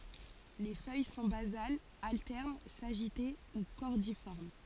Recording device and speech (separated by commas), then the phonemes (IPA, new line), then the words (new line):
forehead accelerometer, read sentence
le fœj sɔ̃ bazalz altɛʁn saʒite u kɔʁdifɔʁm
Les feuilles sont basales, alternes, sagitées ou cordiformes.